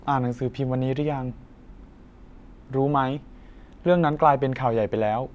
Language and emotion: Thai, neutral